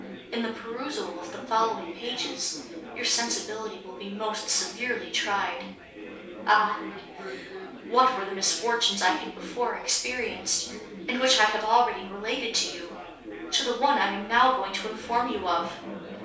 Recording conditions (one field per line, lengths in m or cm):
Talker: one person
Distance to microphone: 3.0 m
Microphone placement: far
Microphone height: 1.8 m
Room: small (3.7 m by 2.7 m)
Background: babble